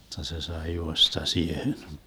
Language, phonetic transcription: Finnish, (jotta) se 'sai 'juosta "siehen .
- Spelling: jotta se sai juosta siihen

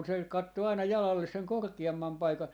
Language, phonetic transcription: Finnish, muk 'kun se 'kattoo 'aina "jalalles seŋ "korkia₍ammam 'paika ,.
- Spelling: mutta kun se katsoo aina jalalle sen korkeamman paikan

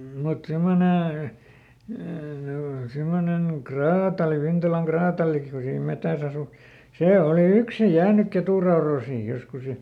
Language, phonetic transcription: Finnish, mut ˈsimmone , ˈsimonen ˈkraatali , ˈVintalaŋ "kraataliki ku siim ˈmetäs ‿asu , "sè ˈoli ˈyksi ˈjäänyk ˈketuraoroosiij joskus ja ,.
- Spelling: mutta semmoinen semmoinen kraatari Vintalan kraatarikin kun siinä metsässä asui se oli yksin jäänyt ketunrautoihin joskus ja

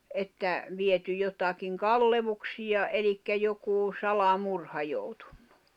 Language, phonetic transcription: Finnish, että , 'viety jotakiŋ "kallevuksija '’elikkä jokuu , 'sala'murha joutᴜɴɴᴜ .
- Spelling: että viety jotakin kalleuksia eli joku salamurha joutunut

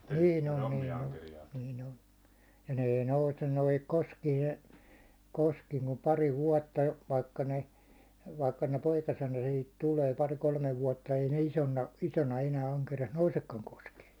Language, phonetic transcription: Finnish, 'niin ‿on , niin ‿on , niin ‿on , ja ne ei 'nousen noihik 'koskiin e- , 'koskiiŋ kum pari 'vuåtta , vaikka ne , vaikka ne "poikasena sihit 'tulee 'pari kolmev vuåtta ei ne 'isonna , 'isona enää aŋkeri₍as "nousekkaŋ 'koskee .
- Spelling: niin on niin on niin on ja ne ei nouse noihin koskiin - koskiin kuin pari vuotta vaikka ne vaikka ne poikasena siihen tulee pari kolme vuotta ei ne isona isona enää ankerias nousekaan koskeen

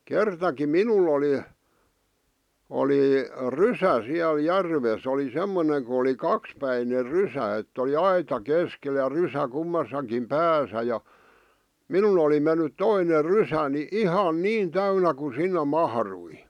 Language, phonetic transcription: Finnish, 'kertaki "minul ‿oli , 'oli , "rysä siäl 'järves ‿oli 'semmone ku oli "kakspäiner "rysä ett ‿oli "aita 'keskel ja "rysä kummasakim 'pääsä ja , "minun ‿oli mennyt 'toiner 'rysäni , "ihan "niin "täynä ku 'sinne 'mahrui .
- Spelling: kertakin minulla oli oli rysä siellä järvessä oli semmoinen kun oli kaksipäinen rysä että oli aita keskellä ja rysä kummassakin päässä ja minun oli mennyt toinen rysäni ihan niin täynnä kun sinne mahtui

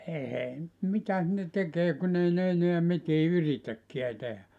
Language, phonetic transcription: Finnish, ehei (nyt) 'mitäs ne 'tekee kun ‿ei ne 'eneä 'mitii "yritäkkiä 'tehä .
- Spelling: ei nyt mitäs ne tekee kun ei ne enää mitään yritäkään tehdä

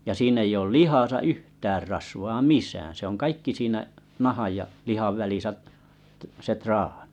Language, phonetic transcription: Finnish, ja sii'n ‿ei ool 'lihasa "yhtäär rasvaa "misään se ‿oŋ kaikki siinä’ , 'nahaj ja’ , 'lihav 'välisä’ , t- se 'traaɴɪ .
- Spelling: ja siinä ei ole lihassa yhtään rasvaa missään se on kaikki siinä nahan ja lihan välissä - se traani

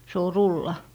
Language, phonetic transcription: Finnish, se o "rulla .
- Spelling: se on rulla

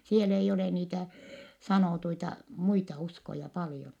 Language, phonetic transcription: Finnish, siel ‿eijj ‿ole niitä , sanòtuita , muita uskoja paljon .
- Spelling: siellä ei ole niitä sanottuja muita uskoja paljon

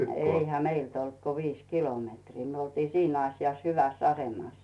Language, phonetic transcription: Finnish, 'eihä "meilt olt ko 'viis "kilometrii , 'myö oltii "siin ‿asjas "hyväss ‿'asemàs .
- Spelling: eihän meiltä ollut kuin viisi kilometriä me oltiin siinä asiassa hyvässä asemassa

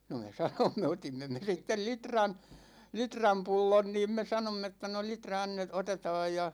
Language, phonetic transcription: Finnish, no me 'sanomme , 'otimme me 'sittel "litran , "litram 'pullon 'niim me 'sanomm ‿että no » 'litra annet- "otetaaj « ja .
- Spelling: no me sanoimme otimme me sitten litran litran pullon niin me sanoimme että no litra - otetaan ja

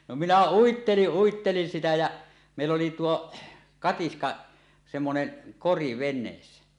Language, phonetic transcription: Finnish, no minä 'uitteliˀ 'ˀuittelin sitä jä , mèill ‿oli 'tuo , 'katiska , semmonen , "kori 'ven̆neessä .
- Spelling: no minä uittelin uittelin sitä ja meillä oli tuo katiska semmoinen kori veneessä

